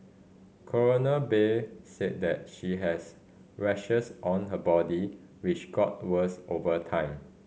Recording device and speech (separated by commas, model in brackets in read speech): mobile phone (Samsung C5010), read sentence